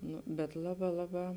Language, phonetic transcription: Lithuanian, ˈnu bet ˈlaˌbā ˈlaˌbā

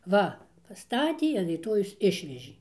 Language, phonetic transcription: Lithuanian, ˈva paˈstatie an ryˈtojaus ˈišvežė

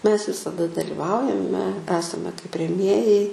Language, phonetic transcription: Lithuanian, mes visaˈda daliˈvaujame ˈesame kaip reˈmėjai

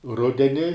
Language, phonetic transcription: Lithuanian, ˈrudeni

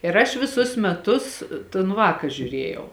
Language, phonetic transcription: Lithuanian, ir ˈaš viˈsus meˈtus ton ˈvāka žiuˈrėjau

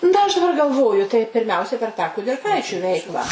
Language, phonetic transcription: Lithuanian, ˈna aš daˈbar galˈvoju tai pirˈmiausiai per tą kudirˈkaičiu ˈveiklą

